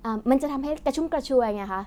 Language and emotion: Thai, happy